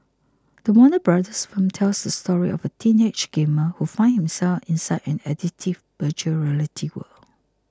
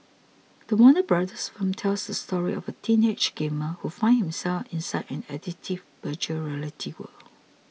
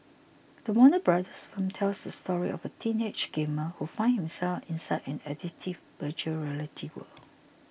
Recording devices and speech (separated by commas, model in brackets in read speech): close-talking microphone (WH20), mobile phone (iPhone 6), boundary microphone (BM630), read sentence